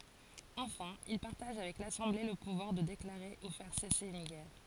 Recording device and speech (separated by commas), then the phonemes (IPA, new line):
forehead accelerometer, read sentence
ɑ̃fɛ̃ il paʁtaʒ avɛk lasɑ̃ble lə puvwaʁ də deklaʁe u fɛʁ sɛse yn ɡɛʁ